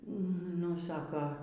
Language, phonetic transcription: Lithuanian, nu ˈsaka

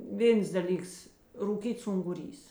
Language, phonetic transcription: Lithuanian, ˈvėns daˈlyks rūˈkyts unguˈrys

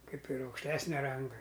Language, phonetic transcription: Lithuanian, ˈkaip ir aukšˈtesnia ˈranga

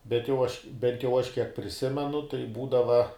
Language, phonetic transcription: Lithuanian, bet jau ˈaš bent jau ˈaš kiek priˈsimenu tai ˈbūdava

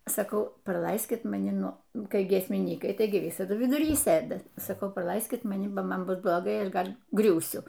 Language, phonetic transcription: Lithuanian, saˈkau praˈlaiskit maˈni ˈnu ˈnu kai giesmiˈnykai ˈtaigi ˈvisadu viduˈry ˈsɘda saˈkau praˈlaiskit maˈni ba ˈman ˈbus bloˈgai ˈaš ˈgal' ˈgriūsiu

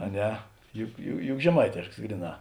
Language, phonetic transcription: Lithuanian, a ˈne ju ju juk žeˈmaitėšks ˈgryˌnā

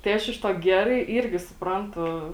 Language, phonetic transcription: Lithuanian, tai ˈaš iš ˈtuo ˈgerai ˈyrgi supˈrantu

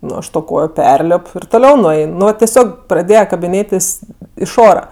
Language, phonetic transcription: Lithuanian, ˈnu ˈaš to ˈkojo ˈperlip ir toˈliau nuˈein nu va teˈsiog praˈdėje kabiˈnėtis iš ˈora

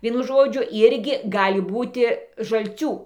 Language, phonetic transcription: Lithuanian, ˈvienu ˈžodžiu ˈirgi ˈgali ˈbūti žalˈcių

